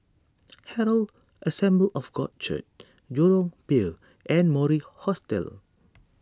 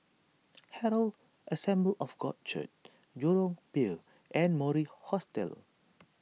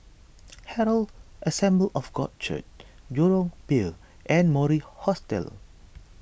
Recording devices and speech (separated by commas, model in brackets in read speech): standing microphone (AKG C214), mobile phone (iPhone 6), boundary microphone (BM630), read sentence